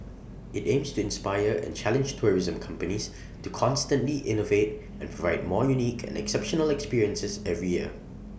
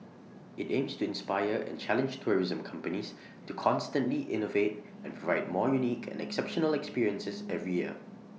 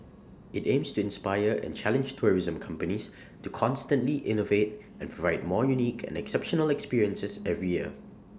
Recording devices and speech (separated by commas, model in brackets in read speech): boundary microphone (BM630), mobile phone (iPhone 6), standing microphone (AKG C214), read sentence